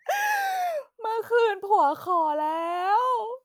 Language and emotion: Thai, happy